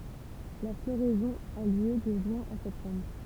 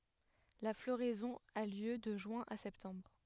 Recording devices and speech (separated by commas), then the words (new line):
temple vibration pickup, headset microphone, read sentence
La floraison a lieu de juin à septembre.